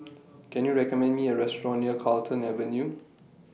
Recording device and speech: mobile phone (iPhone 6), read sentence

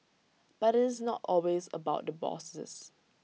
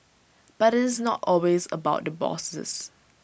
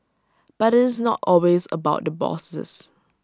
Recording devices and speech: mobile phone (iPhone 6), boundary microphone (BM630), standing microphone (AKG C214), read sentence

